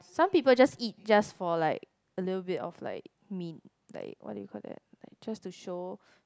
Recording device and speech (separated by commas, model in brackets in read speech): close-talking microphone, conversation in the same room